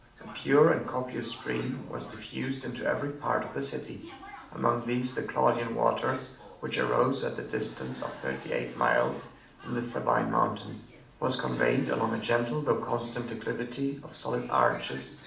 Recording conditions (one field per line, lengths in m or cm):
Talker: one person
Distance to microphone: 2.0 m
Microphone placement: close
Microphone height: 99 cm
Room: medium-sized (5.7 m by 4.0 m)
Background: television